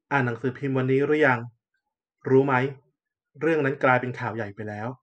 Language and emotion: Thai, neutral